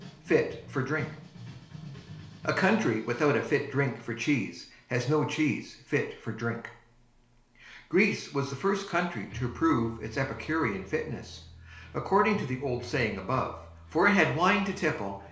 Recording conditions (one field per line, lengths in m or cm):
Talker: one person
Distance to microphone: 1.0 m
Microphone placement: close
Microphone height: 1.1 m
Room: small (3.7 m by 2.7 m)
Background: music